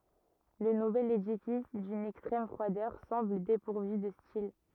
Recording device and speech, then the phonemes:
rigid in-ear microphone, read sentence
lə nuvɛl edifis dyn ɛkstʁɛm fʁwadœʁ sɑ̃bl depuʁvy də stil

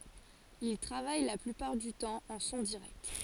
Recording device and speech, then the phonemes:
forehead accelerometer, read sentence
il tʁavaj la plypaʁ dy tɑ̃ ɑ̃ sɔ̃ diʁɛkt

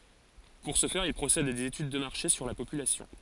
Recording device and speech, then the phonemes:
forehead accelerometer, read sentence
puʁ sə fɛʁ il pʁosɛdt a dez etyd də maʁʃe syʁ la popylasjɔ̃

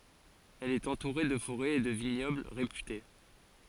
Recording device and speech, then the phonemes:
forehead accelerometer, read sentence
ɛl ɛt ɑ̃tuʁe də foʁɛz e də viɲɔbl ʁepyte

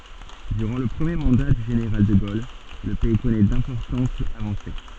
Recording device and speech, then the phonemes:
soft in-ear microphone, read sentence
dyʁɑ̃ lə pʁəmje mɑ̃da dy ʒeneʁal də ɡol lə pɛi kɔnɛ dɛ̃pɔʁtɑ̃tz avɑ̃se

